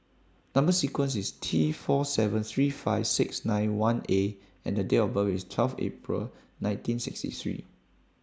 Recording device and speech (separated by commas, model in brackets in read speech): standing microphone (AKG C214), read sentence